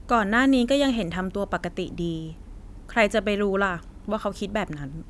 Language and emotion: Thai, neutral